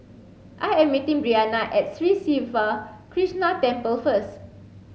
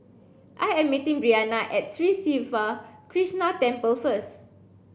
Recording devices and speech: mobile phone (Samsung C7), boundary microphone (BM630), read sentence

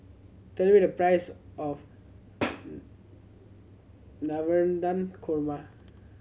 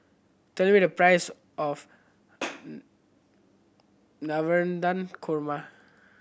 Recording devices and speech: mobile phone (Samsung C7100), boundary microphone (BM630), read sentence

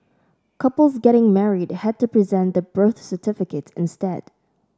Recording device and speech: standing microphone (AKG C214), read sentence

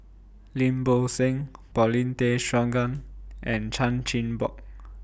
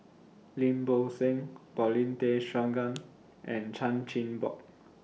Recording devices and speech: boundary microphone (BM630), mobile phone (iPhone 6), read sentence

